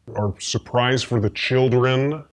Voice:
deep voice